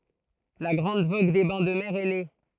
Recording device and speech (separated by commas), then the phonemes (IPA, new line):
throat microphone, read sentence
la ɡʁɑ̃d voɡ de bɛ̃ də mɛʁ ɛ ne